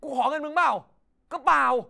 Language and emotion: Thai, angry